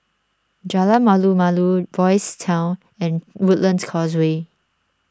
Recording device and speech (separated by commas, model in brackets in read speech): standing microphone (AKG C214), read sentence